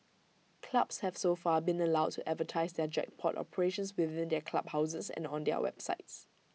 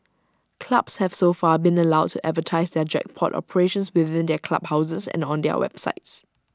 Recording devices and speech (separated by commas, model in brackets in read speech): mobile phone (iPhone 6), standing microphone (AKG C214), read sentence